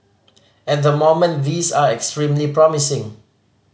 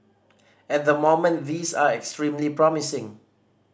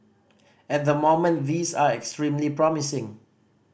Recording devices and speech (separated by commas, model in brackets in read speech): mobile phone (Samsung C5010), standing microphone (AKG C214), boundary microphone (BM630), read sentence